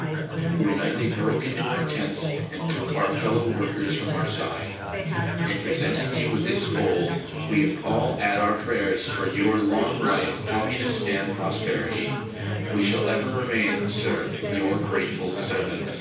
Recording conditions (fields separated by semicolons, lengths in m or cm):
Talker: one person; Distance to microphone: 9.8 m; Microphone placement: far; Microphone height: 1.8 m; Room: large; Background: babble